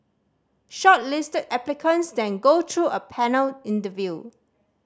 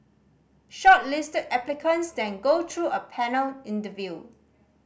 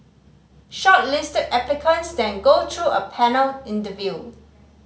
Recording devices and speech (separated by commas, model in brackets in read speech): standing microphone (AKG C214), boundary microphone (BM630), mobile phone (Samsung C5010), read sentence